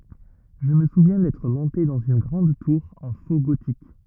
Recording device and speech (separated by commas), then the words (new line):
rigid in-ear microphone, read sentence
Je me souviens d'être monté dans une grande tour en faux gothique.